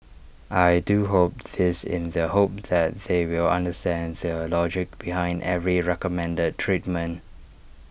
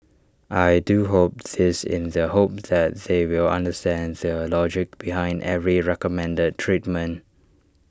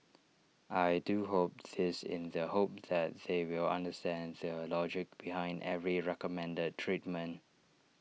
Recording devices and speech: boundary microphone (BM630), standing microphone (AKG C214), mobile phone (iPhone 6), read sentence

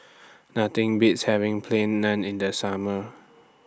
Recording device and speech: standing microphone (AKG C214), read sentence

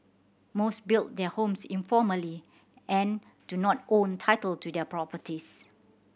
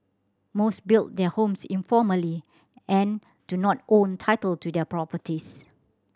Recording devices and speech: boundary microphone (BM630), standing microphone (AKG C214), read sentence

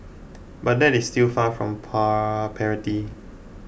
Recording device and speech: boundary microphone (BM630), read sentence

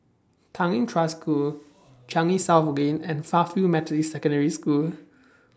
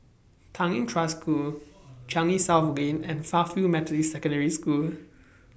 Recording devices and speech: standing microphone (AKG C214), boundary microphone (BM630), read sentence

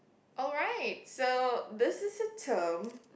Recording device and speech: boundary microphone, conversation in the same room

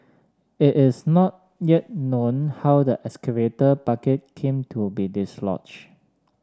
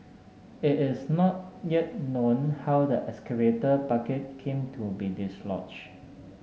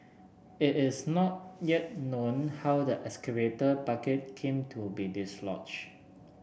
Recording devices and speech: standing microphone (AKG C214), mobile phone (Samsung S8), boundary microphone (BM630), read sentence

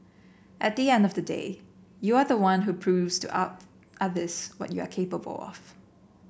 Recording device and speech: boundary microphone (BM630), read sentence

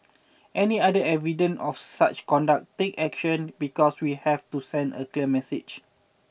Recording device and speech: boundary microphone (BM630), read sentence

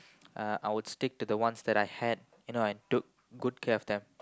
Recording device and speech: close-talking microphone, conversation in the same room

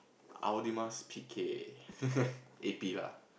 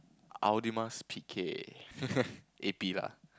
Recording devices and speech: boundary microphone, close-talking microphone, conversation in the same room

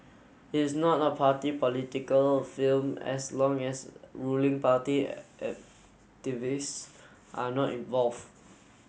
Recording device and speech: mobile phone (Samsung S8), read sentence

